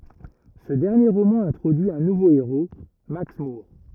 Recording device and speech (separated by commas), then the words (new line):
rigid in-ear microphone, read sentence
Ce dernier roman introduit un nouveau héros, Max Moore.